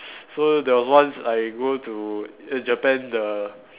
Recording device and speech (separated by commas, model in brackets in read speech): telephone, conversation in separate rooms